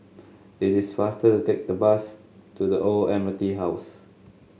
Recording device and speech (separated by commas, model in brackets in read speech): mobile phone (Samsung S8), read sentence